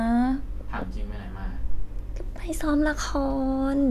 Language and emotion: Thai, frustrated